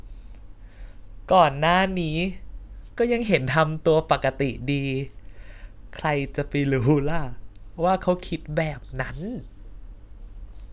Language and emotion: Thai, happy